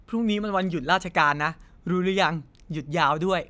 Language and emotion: Thai, happy